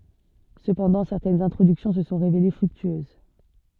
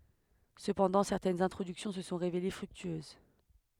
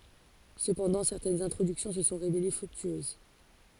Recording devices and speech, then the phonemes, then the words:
soft in-ear microphone, headset microphone, forehead accelerometer, read sentence
səpɑ̃dɑ̃ sɛʁtɛnz ɛ̃tʁodyksjɔ̃ sə sɔ̃ ʁevele fʁyktyøz
Cependant, certaines introductions se sont révélées fructueuses.

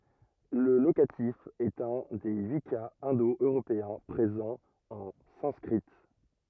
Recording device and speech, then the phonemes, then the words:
rigid in-ear microphone, read sentence
lə lokatif ɛt œ̃ de yi kaz ɛ̃do øʁopeɛ̃ pʁezɑ̃ ɑ̃ sɑ̃skʁi
Le locatif est un des huit cas indo-européens, présent en sanskrit.

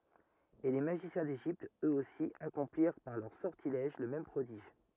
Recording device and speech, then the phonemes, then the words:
rigid in-ear microphone, read sentence
e le maʒisjɛ̃ deʒipt øksosi akɔ̃pliʁ paʁ lœʁ sɔʁtilɛʒ lə mɛm pʁodiʒ
Et les magiciens d'Égypte, eux-aussi, accomplirent par leurs sortilèges le même prodige.

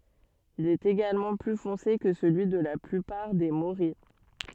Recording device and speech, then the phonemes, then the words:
soft in-ear microphone, read sentence
il ɛt eɡalmɑ̃ ply fɔ̃se kə səlyi də la plypaʁ de moʁij
Il est également plus foncé que celui de la plupart des morilles.

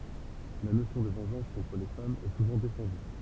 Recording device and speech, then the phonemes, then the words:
temple vibration pickup, read sentence
la nosjɔ̃ də vɑ̃ʒɑ̃s kɔ̃tʁ le famz ɛ suvɑ̃ defɑ̃dy
La notion de vengeance contre les femmes est souvent défendue.

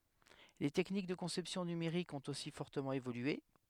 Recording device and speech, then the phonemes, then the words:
headset microphone, read sentence
le tɛknik də kɔ̃sɛpsjɔ̃ nymeʁikz ɔ̃t osi fɔʁtəmɑ̃ evolye
Les techniques de conception numériques ont aussi fortement évolué.

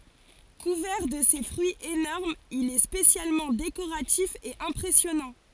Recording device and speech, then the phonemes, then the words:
forehead accelerometer, read sentence
kuvɛʁ də se fʁyiz enɔʁmz il ɛ spesjalmɑ̃ dekoʁatif e ɛ̃pʁɛsjɔnɑ̃
Couvert de ses fruits énormes il est spécialement décoratif et impressionnant.

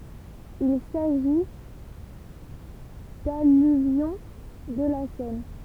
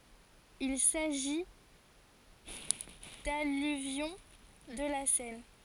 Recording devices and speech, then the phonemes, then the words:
temple vibration pickup, forehead accelerometer, read sentence
il saʒi dalyvjɔ̃ də la sɛn
Il s'agit d'alluvions de la Seine.

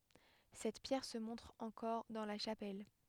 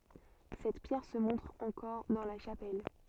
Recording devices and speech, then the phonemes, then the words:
headset microphone, soft in-ear microphone, read sentence
sɛt pjɛʁ sə mɔ̃tʁ ɑ̃kɔʁ dɑ̃ la ʃapɛl
Cette pierre se montre encore dans la chapelle.

